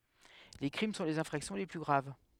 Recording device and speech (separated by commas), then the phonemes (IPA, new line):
headset microphone, read sentence
le kʁim sɔ̃ lez ɛ̃fʁaksjɔ̃ le ply ɡʁav